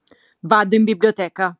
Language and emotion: Italian, angry